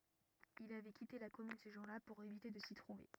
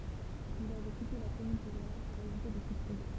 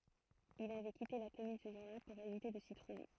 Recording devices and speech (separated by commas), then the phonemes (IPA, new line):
rigid in-ear microphone, temple vibration pickup, throat microphone, read sentence
il avɛ kite la kɔmyn sə ʒuʁ la puʁ evite də si tʁuve